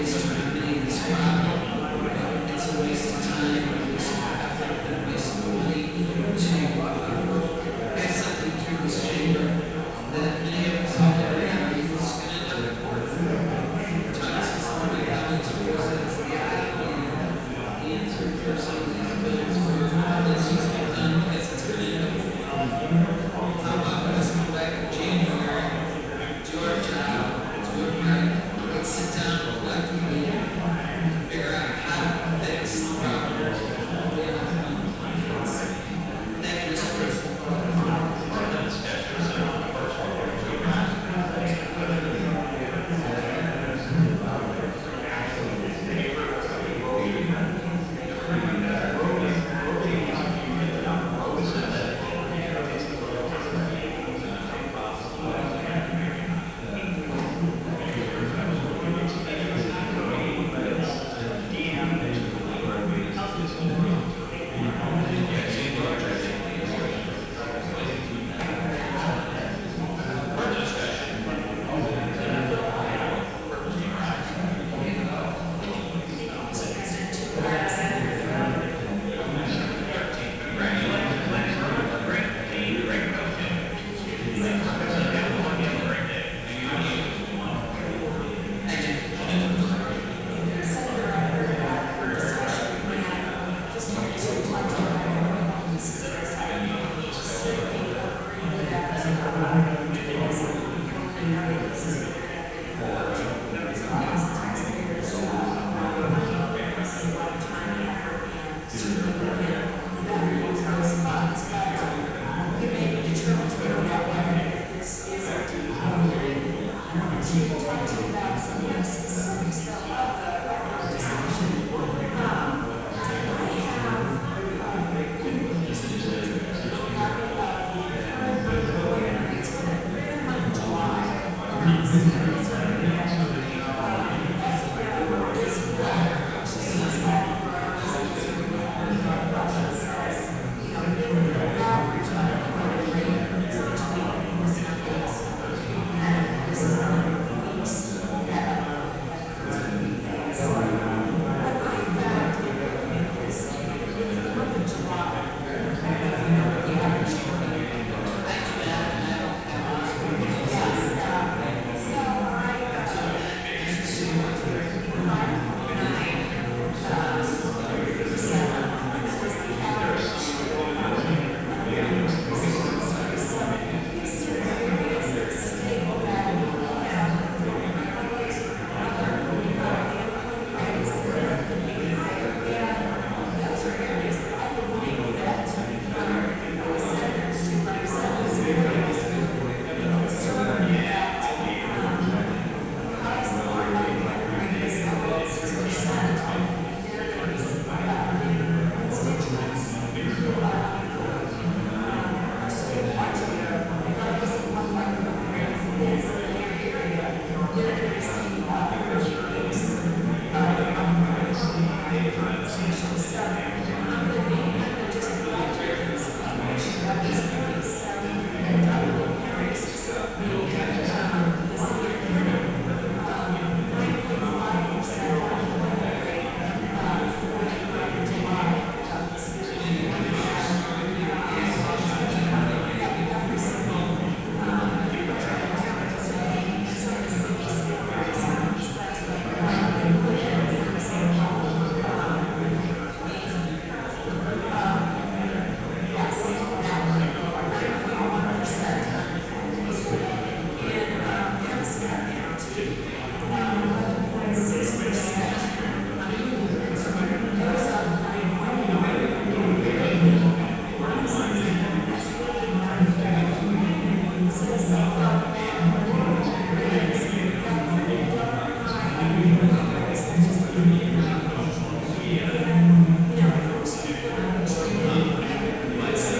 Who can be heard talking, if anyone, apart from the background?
No one.